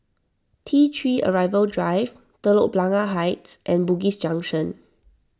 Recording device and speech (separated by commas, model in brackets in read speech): standing microphone (AKG C214), read sentence